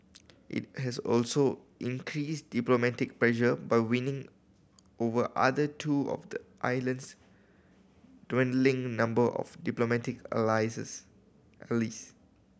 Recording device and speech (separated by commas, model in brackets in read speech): boundary microphone (BM630), read sentence